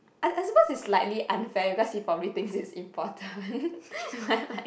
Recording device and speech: boundary microphone, conversation in the same room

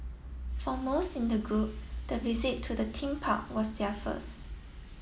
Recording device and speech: mobile phone (iPhone 7), read sentence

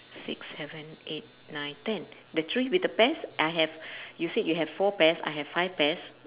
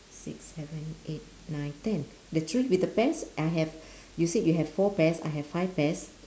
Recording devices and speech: telephone, standing microphone, conversation in separate rooms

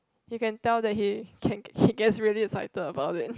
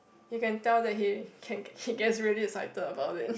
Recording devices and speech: close-talking microphone, boundary microphone, conversation in the same room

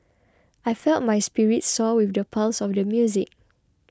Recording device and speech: close-talking microphone (WH20), read sentence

